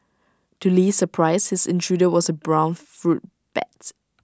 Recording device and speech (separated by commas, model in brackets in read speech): standing microphone (AKG C214), read sentence